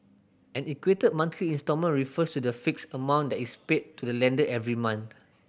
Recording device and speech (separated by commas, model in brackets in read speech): boundary microphone (BM630), read sentence